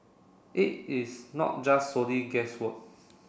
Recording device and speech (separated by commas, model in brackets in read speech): boundary microphone (BM630), read sentence